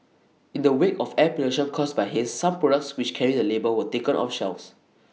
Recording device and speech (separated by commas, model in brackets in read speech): mobile phone (iPhone 6), read sentence